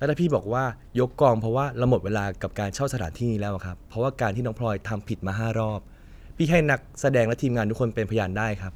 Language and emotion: Thai, frustrated